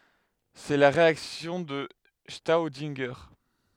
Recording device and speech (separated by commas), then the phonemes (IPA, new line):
headset microphone, read sentence
sɛ la ʁeaksjɔ̃ də stodɛ̃ʒe